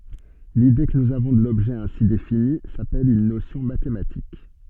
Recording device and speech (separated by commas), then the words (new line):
soft in-ear microphone, read sentence
L’idée que nous avons de l’objet ainsi défini, s’appelle une notion mathématique.